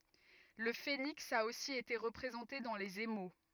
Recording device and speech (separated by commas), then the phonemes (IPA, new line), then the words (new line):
rigid in-ear microphone, read sentence
lə feniks a osi ete ʁəpʁezɑ̃te dɑ̃ lez emo
Le phénix a aussi été représenté dans les émaux.